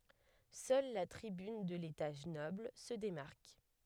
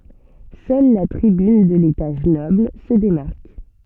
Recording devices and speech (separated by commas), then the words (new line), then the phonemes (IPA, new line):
headset microphone, soft in-ear microphone, read sentence
Seule la tribune de l'étage noble se démarque.
sœl la tʁibyn də letaʒ nɔbl sə demaʁk